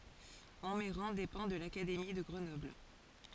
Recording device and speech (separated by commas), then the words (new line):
forehead accelerometer, read sentence
Montmeyran dépend de l'académie de Grenoble.